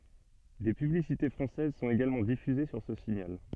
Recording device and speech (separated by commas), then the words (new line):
soft in-ear microphone, read sentence
Des publicités françaises sont également diffusés sur ce signal.